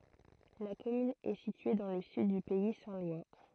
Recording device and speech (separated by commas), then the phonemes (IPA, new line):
throat microphone, read sentence
la kɔmyn ɛ sitye dɑ̃ lə syd dy pɛi sɛ̃ lwa